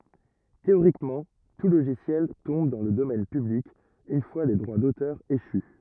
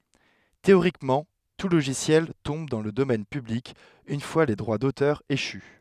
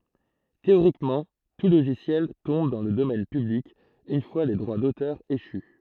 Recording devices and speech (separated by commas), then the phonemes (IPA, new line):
rigid in-ear microphone, headset microphone, throat microphone, read sentence
teoʁikmɑ̃ tu loʒisjɛl tɔ̃b dɑ̃ lə domɛn pyblik yn fwa le dʁwa dotœʁ eʃy